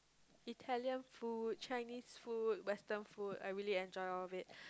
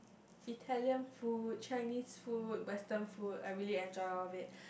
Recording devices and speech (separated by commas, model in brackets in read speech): close-talking microphone, boundary microphone, conversation in the same room